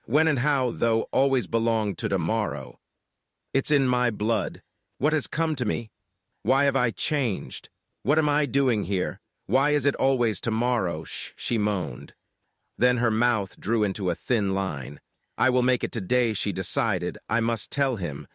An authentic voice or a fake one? fake